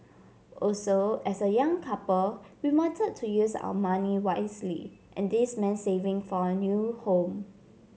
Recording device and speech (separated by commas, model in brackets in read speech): mobile phone (Samsung C7), read sentence